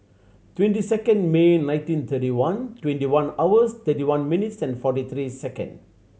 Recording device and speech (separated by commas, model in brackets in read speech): mobile phone (Samsung C7100), read sentence